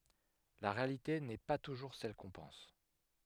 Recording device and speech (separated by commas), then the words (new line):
headset microphone, read sentence
La réalité n'est pas toujours celle qu'on pense.